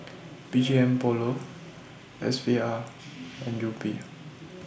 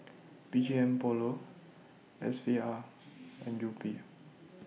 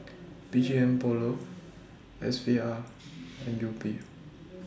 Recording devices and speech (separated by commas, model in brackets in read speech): boundary microphone (BM630), mobile phone (iPhone 6), standing microphone (AKG C214), read sentence